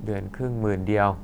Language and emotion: Thai, frustrated